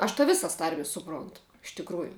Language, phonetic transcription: Lithuanian, aš ta ˈvisas ˈtarmis suˈprontu iš tikˈrųju

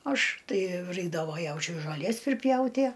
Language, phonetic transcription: Lithuanian, ˈaš ˈtai ˈraikdavo ˈjaučiui žoˈlies priˈpjautie

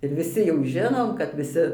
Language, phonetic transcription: Lithuanian, ir viˈsi jau ˈžinom kad viˈsi

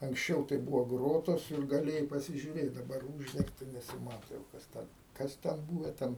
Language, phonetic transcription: Lithuanian, anksˈčiau tai ˈbūvo ˈgrotos ir gaˈlėjai pasižiuˈrėt daˈbar ˈūždengta nesiˈmato jau kas ˈten ˈkas ten ˈbūve ˈten

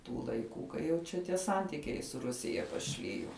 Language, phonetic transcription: Lithuanian, ˈtų laiˈkų kai jau ˈčia tie ˈsantikiai su ˈrusija paˈšlijo

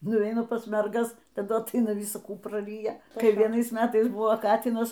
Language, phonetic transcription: Lithuanian, nuˈveina pas merˈgas taˈdu atˈaina ˈvisa ˈkų praˈryja kai vieˈnais ˈmetais ˈbuvo ˈkatynas

